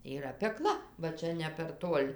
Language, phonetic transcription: Lithuanian, yˈra peˈkla va ˈčia ne per ˈtuol'

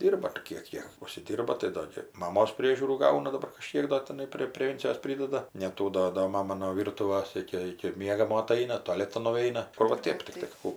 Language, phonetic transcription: Lithuanian, ˈdyrba ar ˈkiek ji užsiˈdyrba tai ˈdo gi maˈmos ˈpriežiūrų ˈgauna daˈbar kaˈžkiek do tiˈnai prė preˈvencijos ˈpridada neˈtų do do ˈmama no ˈvyrtuvas ˈiki ˈiki ˈmiegamo aˈtaina toˈletan nuˈeina ˈkur va ˈtėp tikˈtai ˈkų

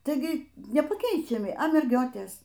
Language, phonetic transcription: Lithuanian, taiˈgi nepaˈkeičiami a merˈgiotės

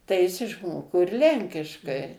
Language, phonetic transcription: Lithuanian, tai ˈjis išˈmoko ir ˈlenkiškai

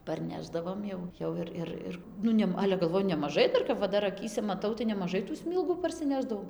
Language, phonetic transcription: Lithuanian, parˈnešdavom jau ˈjau ir ˈir ˈir ˈnu nem ˈale galˈvoju nemaˈžai ˈdar kap va ˈdar aˈkyse maˈtau tai nemaˈžai tų ˈsmylgų parsiˈnešdavau

